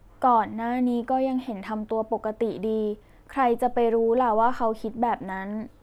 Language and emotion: Thai, neutral